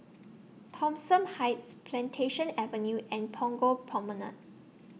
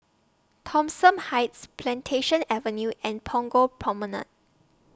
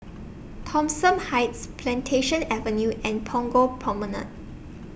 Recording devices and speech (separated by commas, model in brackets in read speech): mobile phone (iPhone 6), standing microphone (AKG C214), boundary microphone (BM630), read sentence